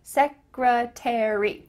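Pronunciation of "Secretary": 'Secretary' is said the American English way: the final three letters are pronounced, each one said rather than linked together.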